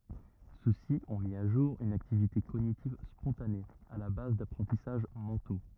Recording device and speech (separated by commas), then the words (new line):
rigid in-ear microphone, read sentence
Ceux-ci ont mis à jour une activité cognitive spontanée, à la base d'apprentissages mentaux.